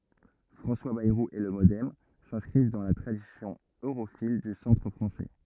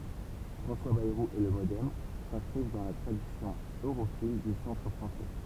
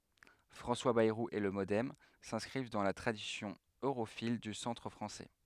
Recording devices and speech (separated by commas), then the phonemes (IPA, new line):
rigid in-ear microphone, temple vibration pickup, headset microphone, read sentence
fʁɑ̃swa bɛʁu e lə modɛm sɛ̃skʁiv dɑ̃ la tʁadisjɔ̃ øʁofil dy sɑ̃tʁ fʁɑ̃sɛ